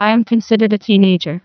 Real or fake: fake